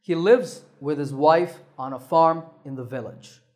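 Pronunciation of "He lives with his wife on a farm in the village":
In 'He lives with his wife on a farm in the village', the words 'lives', 'wife', 'farm' and 'village' stand out. 'He', 'with his', 'on a' and 'in the' are said quickly and softly.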